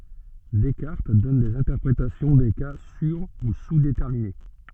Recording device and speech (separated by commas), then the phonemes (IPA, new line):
soft in-ear microphone, read sentence
dɛskaʁt dɔn dez ɛ̃tɛʁpʁetasjɔ̃ de ka syʁ u suzdetɛʁmine